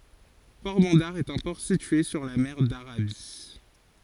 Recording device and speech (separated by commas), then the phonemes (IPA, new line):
forehead accelerometer, read sentence
pɔʁbɑ̃daʁ ɛt œ̃ pɔʁ sitye syʁ la mɛʁ daʁabi